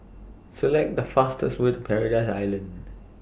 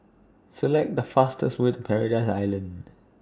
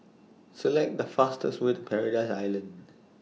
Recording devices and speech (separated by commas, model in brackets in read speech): boundary microphone (BM630), standing microphone (AKG C214), mobile phone (iPhone 6), read sentence